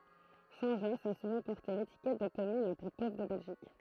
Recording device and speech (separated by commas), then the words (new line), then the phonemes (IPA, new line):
throat microphone, read sentence
Saint-Josse a souvent porté l'étiquette de commune la plus pauvre de Belgique.
sɛ̃tʒɔs a suvɑ̃ pɔʁte letikɛt də kɔmyn la ply povʁ də bɛlʒik